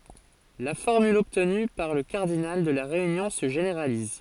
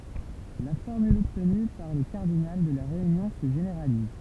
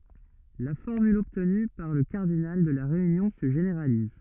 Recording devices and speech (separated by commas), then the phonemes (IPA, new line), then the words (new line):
forehead accelerometer, temple vibration pickup, rigid in-ear microphone, read sentence
la fɔʁmyl ɔbtny puʁ lə kaʁdinal də la ʁeynjɔ̃ sə ʒeneʁaliz
La formule obtenue pour le cardinal de la réunion se généralise.